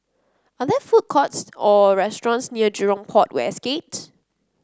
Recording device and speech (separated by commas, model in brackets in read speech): close-talking microphone (WH30), read sentence